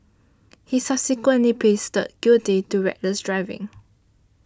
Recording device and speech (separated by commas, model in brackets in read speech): standing microphone (AKG C214), read sentence